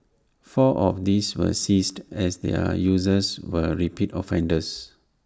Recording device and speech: standing microphone (AKG C214), read sentence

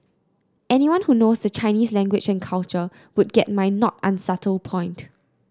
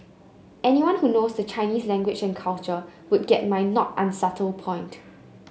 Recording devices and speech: close-talking microphone (WH30), mobile phone (Samsung C9), read sentence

